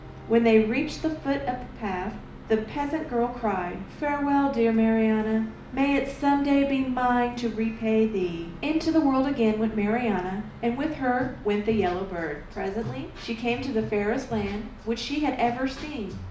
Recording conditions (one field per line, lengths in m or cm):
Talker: one person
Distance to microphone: 2.0 m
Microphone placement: close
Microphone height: 99 cm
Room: medium-sized (5.7 m by 4.0 m)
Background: music